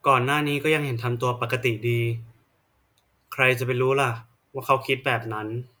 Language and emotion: Thai, frustrated